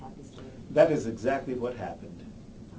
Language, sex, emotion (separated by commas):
English, male, neutral